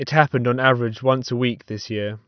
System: none